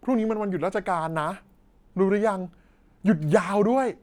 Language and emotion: Thai, happy